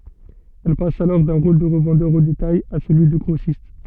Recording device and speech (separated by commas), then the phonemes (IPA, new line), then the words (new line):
soft in-ear microphone, read sentence
ɛl pas alɔʁ dœ̃ ʁol də ʁəvɑ̃dœʁ o detaj a səlyi də ɡʁosist
Elle passe alors d’un rôle de revendeur au détail à celui de grossiste.